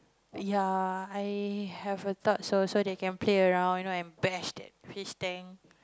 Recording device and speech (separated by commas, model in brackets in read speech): close-talking microphone, conversation in the same room